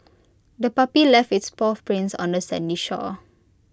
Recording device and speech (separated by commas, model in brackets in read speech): close-talking microphone (WH20), read sentence